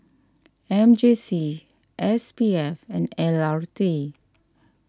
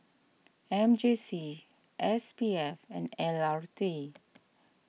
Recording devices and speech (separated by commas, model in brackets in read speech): standing microphone (AKG C214), mobile phone (iPhone 6), read sentence